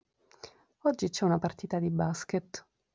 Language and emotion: Italian, neutral